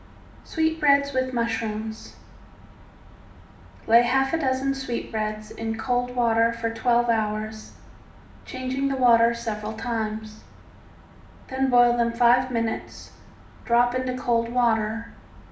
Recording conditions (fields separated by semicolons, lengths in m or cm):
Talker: one person; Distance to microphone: 2.0 m; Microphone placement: close; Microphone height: 99 cm; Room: medium-sized (5.7 m by 4.0 m); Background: none